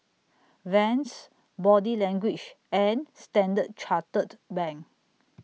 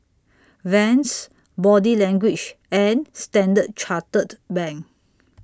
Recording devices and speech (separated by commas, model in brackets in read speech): mobile phone (iPhone 6), standing microphone (AKG C214), read sentence